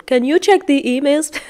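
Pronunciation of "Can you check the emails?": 'Can you check the emails?' is said with a rising tone, and it does not sound professional.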